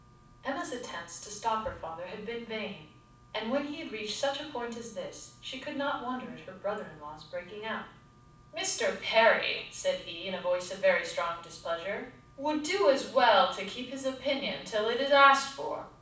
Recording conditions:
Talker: one person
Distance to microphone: 5.8 m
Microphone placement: far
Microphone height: 1.8 m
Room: medium-sized (5.7 m by 4.0 m)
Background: none

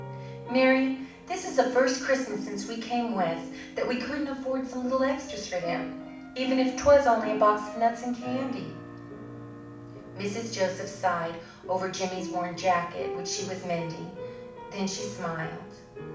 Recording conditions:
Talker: one person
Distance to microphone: 5.8 m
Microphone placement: far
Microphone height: 1.8 m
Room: medium-sized (5.7 m by 4.0 m)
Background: music

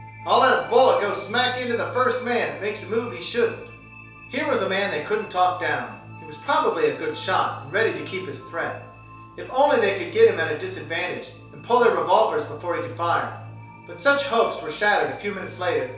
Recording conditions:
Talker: one person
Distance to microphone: 3.0 m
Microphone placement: far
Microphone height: 1.8 m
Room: small (3.7 m by 2.7 m)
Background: music

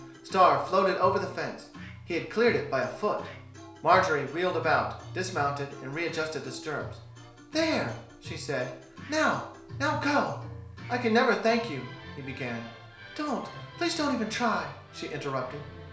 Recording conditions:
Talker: one person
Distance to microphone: 1.0 m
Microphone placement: close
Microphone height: 1.1 m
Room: small (3.7 m by 2.7 m)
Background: music

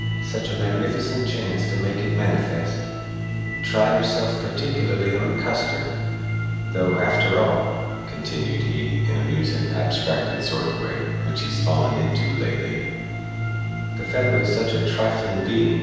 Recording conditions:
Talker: one person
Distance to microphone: 7.1 m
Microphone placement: far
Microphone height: 1.7 m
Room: very reverberant, large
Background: music

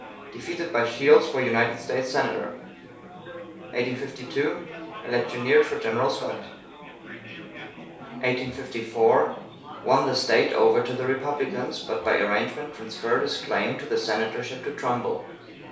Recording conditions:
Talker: one person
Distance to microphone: 3.0 m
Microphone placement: far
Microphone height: 1.8 m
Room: small (3.7 m by 2.7 m)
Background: babble

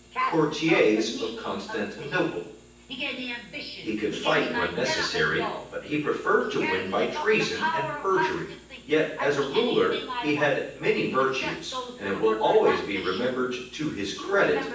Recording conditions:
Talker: one person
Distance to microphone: 9.8 m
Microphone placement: far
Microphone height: 1.8 m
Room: large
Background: television

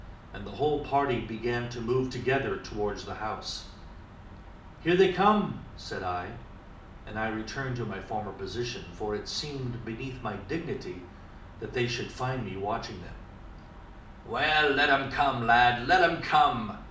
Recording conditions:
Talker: one person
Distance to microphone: 2.0 m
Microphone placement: close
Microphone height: 99 cm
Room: medium-sized (5.7 m by 4.0 m)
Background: none

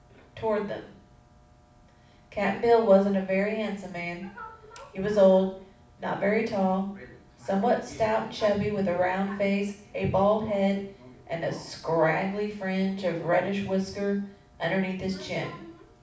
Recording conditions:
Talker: one person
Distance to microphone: 5.8 m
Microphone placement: far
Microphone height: 1.8 m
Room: medium-sized (5.7 m by 4.0 m)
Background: television

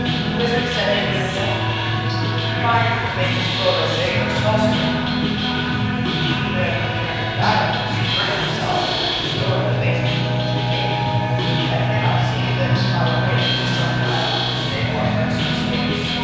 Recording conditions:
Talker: one person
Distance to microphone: 7.1 m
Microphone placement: far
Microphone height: 1.7 m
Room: very reverberant, large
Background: music

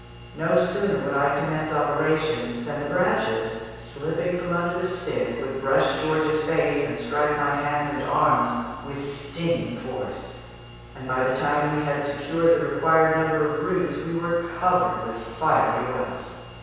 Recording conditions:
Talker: one person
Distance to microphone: 7.1 m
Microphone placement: far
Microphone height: 1.7 m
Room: very reverberant, large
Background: none

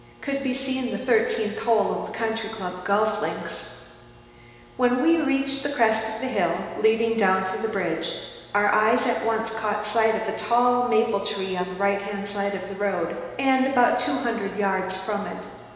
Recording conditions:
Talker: one person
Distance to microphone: 1.7 m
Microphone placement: close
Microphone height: 1.0 m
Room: very reverberant, large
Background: none

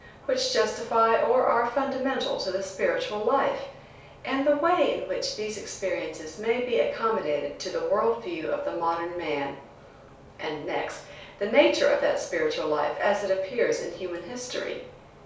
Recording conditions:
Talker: one person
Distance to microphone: 3.0 m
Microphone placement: far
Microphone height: 1.8 m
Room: small (3.7 m by 2.7 m)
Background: none

